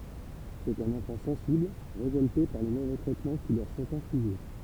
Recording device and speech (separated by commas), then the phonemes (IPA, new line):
temple vibration pickup, read sentence
sɛt œ̃n ɑ̃fɑ̃ sɑ̃sibl ʁevɔlte paʁ le movɛ tʁɛtmɑ̃ ki lœʁ sɔ̃t ɛ̃fliʒe